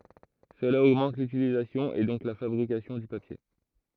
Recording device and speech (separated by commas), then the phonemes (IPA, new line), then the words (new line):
throat microphone, read sentence
səla oɡmɑ̃t lytilizasjɔ̃ e dɔ̃k la fabʁikasjɔ̃ dy papje
Cela augmente l’utilisation et donc la fabrication du papier.